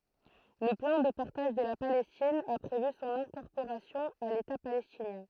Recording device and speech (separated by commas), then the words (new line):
throat microphone, read sentence
Le plan de partage de la Palestine a prévu son incorporation à l'État palestinien.